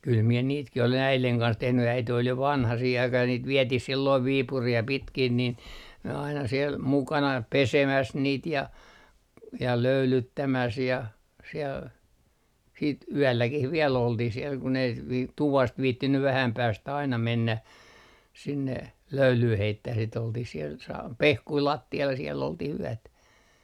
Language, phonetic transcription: Finnish, kyl mie 'niitkih olen "äileŋ kans 'tehny 'äite ol jo "vanha 'siih aikah ja niit 'vietih 'silloiv "Viipurii ja 'pitkin nin , n - aina siel 'mukana "pesemäs niit ja , ja 'löylyttämäs ja , siel , siit "yälläkih viɛl oltih siel kun ‿ei v- , "tuvast 'viittinny 'vähäm 'päästä aina 'mennä , sinne , "löylyy 'heittäh si't ‿oltih siel , sa - "pehkui 'latti₍al ja siell ‿olti'h ‿yätä .
- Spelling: kyllä minä niitäkin olen äidin kanssa tehnyt äiti oli jo vanha siihen aikaan ja niitä vietiin silloin Viipuriin ja pitkin niin - aina siellä mukana pesemässä niitä ja ja löylyttämässä ja siellä sitten yölläkin vielä oltiin siellä kun ei - tuvasta viitsinyt vähän päästä aina mennä sinne löylyä heittämään sitä oltiin siellä - pehkuja lattialla ja siellä oltiin yötä

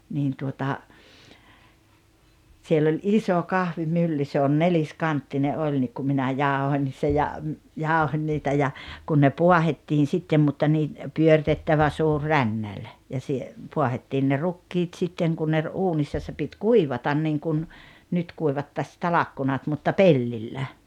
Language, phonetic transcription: Finnish, 'niin tuota , siell ‿oĺ "iso "kahvimylly se on "nelis'kanttine '’oĺ nik ku minä "jàohoń se ja , "jàohoń niitä ja , 'kun ne "puahettiin̬ 'sittem mutta nii , 'pyörⁱtettävä 'suur "rännäĺ , ja sie- , 'puahettiin ne "rukkiit 'sitteŋ ku ne ‿r-'uunissa se pit "kuivatan niŋkun , 'nyt kuivatta 'ta-lakkunat mutta "pellillä .
- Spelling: niin tuota siellä oli iso kahvimylly se on neliskanttinen oli niin kun minä jauhoin se ja jauhoin niitä ja kun ne paahdettiin sitten mutta niin pyöritettävä suuri rännäli ja - paahdettiin ne rukiit sitten kun ne uunissa se piti kuivata niin kuin nyt kuivattaisiin talkkunat mutta pellillä

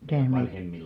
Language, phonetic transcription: Finnish, mitä̀h mei- .
- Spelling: mitä -

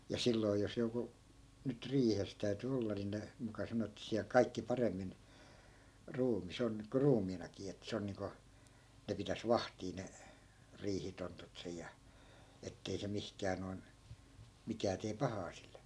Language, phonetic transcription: Finnish, ja , ja 'silloi̮ jos joku , nyt 'riihes täy̬ty 'olla ni ne , muka 'sano ettᵃ̈ 'siäl "kaikki 'paremmin , 'ruumi's ‿on (nyk ko) "ruumiinakii ettᵃ̈ 'se on niiŋko , 'ne pitäs "vahtii ne , 'riihitontut sej̆ ja , 'ettei se 'mihkää noi̮n , 'mikää tee "pahaa sille .
- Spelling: ja ja silloin jos joku nyt riihessä täytyi olla niin ne muka sanoi että siellä kaikki paremmin ruumis on nyt kuin ruumiinakin että se on niin kuin ne pitäisi vahtia ne riihitontut siellä ja että ei se mihinkään noin mikään tee pahaa sille

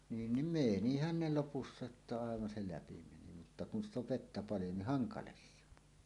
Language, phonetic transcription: Finnish, 'niin nim "mènihän ne 'lopussa että 'àevan 'se "läpi meni mutta 'kun ‿st ‿ov "vettä 'paljo nih "haŋkales se ‿on .
- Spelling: niin niin menihän ne lopussa että aivan se läpi meni mutta kun sitä on vettä paljon niin hankala se on

